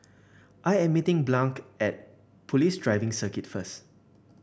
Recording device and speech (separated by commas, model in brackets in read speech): boundary microphone (BM630), read sentence